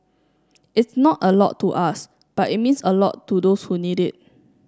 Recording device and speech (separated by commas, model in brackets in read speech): standing microphone (AKG C214), read sentence